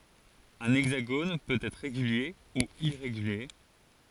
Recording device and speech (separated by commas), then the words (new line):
forehead accelerometer, read sentence
Un hexagone peut être régulier ou irrégulier.